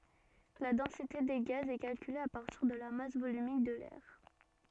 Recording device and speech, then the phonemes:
soft in-ear microphone, read sentence
la dɑ̃site de ɡaz ɛ kalkyle a paʁtiʁ də la mas volymik də lɛʁ

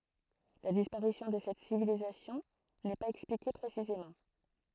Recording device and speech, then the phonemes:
throat microphone, read sentence
la dispaʁisjɔ̃ də sɛt sivilizasjɔ̃ nɛ paz ɛksplike pʁesizemɑ̃

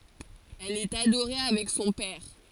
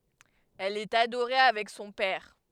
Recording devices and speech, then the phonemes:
forehead accelerometer, headset microphone, read sentence
ɛl ɛt adoʁe avɛk sɔ̃ pɛʁ

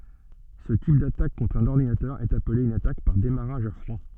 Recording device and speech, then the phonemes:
soft in-ear microphone, read sentence
sə tip datak kɔ̃tʁ œ̃n ɔʁdinatœʁ ɛt aple yn atak paʁ demaʁaʒ a fʁwa

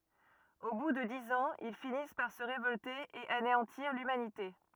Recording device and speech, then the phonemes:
rigid in-ear microphone, read sentence
o bu də diz ɑ̃z il finis paʁ sə ʁevɔlte e aneɑ̃tiʁ lymanite

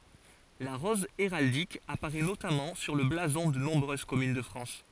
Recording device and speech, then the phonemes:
forehead accelerometer, read sentence
la ʁɔz eʁaldik apaʁɛ notamɑ̃ syʁ lə blazɔ̃ də nɔ̃bʁøz kɔmyn də fʁɑ̃s

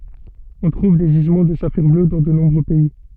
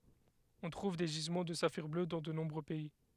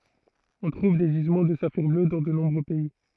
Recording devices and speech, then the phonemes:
soft in-ear microphone, headset microphone, throat microphone, read sentence
ɔ̃ tʁuv de ʒizmɑ̃ də safiʁ blø dɑ̃ də nɔ̃bʁø pɛi

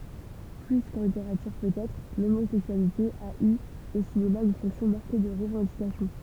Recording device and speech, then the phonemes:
temple vibration pickup, read sentence
ply kɑ̃ liteʁatyʁ pøtɛtʁ lomozɛksyalite a y o sinema yn fɔ̃ksjɔ̃ maʁke də ʁəvɑ̃dikasjɔ̃

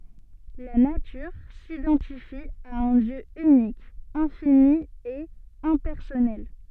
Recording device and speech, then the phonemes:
soft in-ear microphone, read sentence
la natyʁ sidɑ̃tifi a œ̃ djø ynik ɛ̃fini e ɛ̃pɛʁsɔnɛl

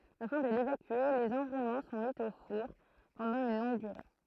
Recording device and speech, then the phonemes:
throat microphone, read sentence
afɛ̃ də levakye lez ɑ̃ʁulmɑ̃ sɔ̃ mi o fuʁ pɑ̃dɑ̃ yn lɔ̃ɡ dyʁe

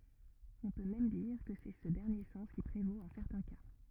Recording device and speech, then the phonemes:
rigid in-ear microphone, read sentence
ɔ̃ pø mɛm diʁ kə sɛ sə dɛʁnje sɑ̃s ki pʁevot ɑ̃ sɛʁtɛ̃ ka

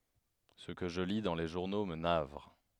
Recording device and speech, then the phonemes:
headset microphone, read sentence
sə kə ʒə li dɑ̃ le ʒuʁno mə navʁ

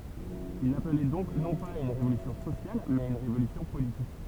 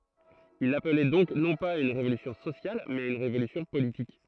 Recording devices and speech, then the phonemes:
temple vibration pickup, throat microphone, read sentence
il aplɛ dɔ̃k nɔ̃ paz a yn ʁevolysjɔ̃ sosjal mɛz a yn ʁevolysjɔ̃ politik

